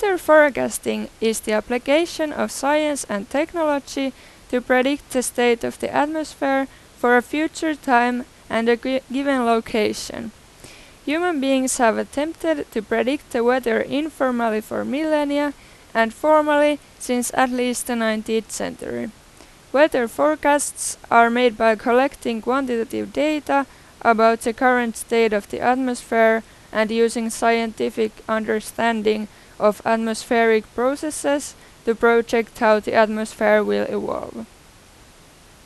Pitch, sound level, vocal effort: 245 Hz, 90 dB SPL, loud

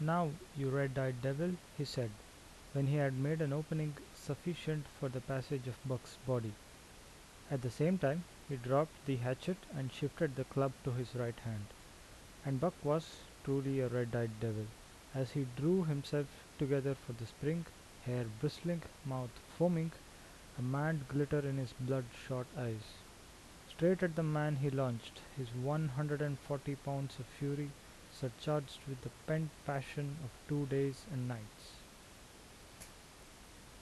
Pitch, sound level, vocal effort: 140 Hz, 77 dB SPL, normal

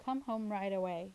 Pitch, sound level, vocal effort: 200 Hz, 84 dB SPL, normal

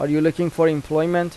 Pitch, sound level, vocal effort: 160 Hz, 88 dB SPL, normal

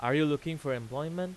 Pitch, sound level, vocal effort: 145 Hz, 94 dB SPL, loud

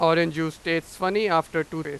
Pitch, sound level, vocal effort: 165 Hz, 97 dB SPL, very loud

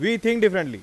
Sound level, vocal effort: 98 dB SPL, very loud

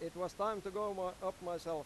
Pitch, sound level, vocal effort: 185 Hz, 97 dB SPL, loud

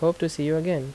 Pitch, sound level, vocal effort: 160 Hz, 82 dB SPL, normal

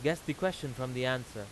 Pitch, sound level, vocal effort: 130 Hz, 91 dB SPL, loud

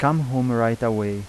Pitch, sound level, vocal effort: 115 Hz, 85 dB SPL, normal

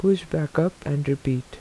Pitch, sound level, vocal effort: 150 Hz, 80 dB SPL, soft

